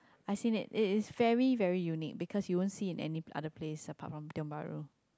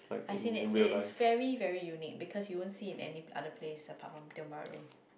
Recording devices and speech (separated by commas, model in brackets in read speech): close-talking microphone, boundary microphone, conversation in the same room